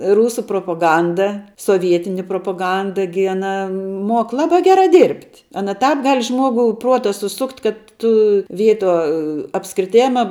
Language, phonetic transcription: Lithuanian, ˈrūsu propoˈganda soˈvietini propoˈganda gi aˈna ˈmok ˈlabā ˈgerā ˈdyrbt' ˈana ˈtāp ˈgal' ˈžmuogu ˈpruota suˈsukt' kad ˈtu ˈvietuo apskriˈtėma

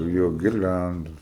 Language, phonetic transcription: Lithuanian, ˈjo girˈliandus

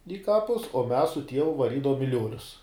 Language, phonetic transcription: Lithuanian, i ˈkapus o mes su ˈtievu vaˈrydavom i ˈliuolius

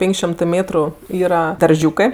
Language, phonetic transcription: Lithuanian, ˈpėn'k' šiom'tɜ ˈmėtru ˈyra darˈžiūkɜ

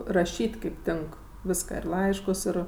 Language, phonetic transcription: Lithuanian, raˈšyt' ˈkaip ˈtink ˈviską ir ˈlaiškus ˈir

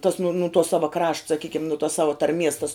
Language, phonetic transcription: Lithuanian, tas nu nu tuo ˈsava krašt saˈkykim nu tuos ˈsava tarˈmies tas

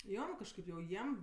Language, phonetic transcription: Lithuanian, ˈjo kažˈkaip jau ˈjiem

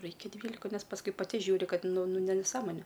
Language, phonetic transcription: Lithuanian, ˈraikia ˈdvylika ˈnes pasˈkui paˈti ˈžiūri ˈkad ˈnu ˈnu nu neˈsąmonė

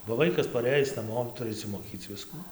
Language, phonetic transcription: Lithuanian, ba ˈvaikas paˈrɘjis naˈmo ˈturi išsimoˈkyc ˈviskų

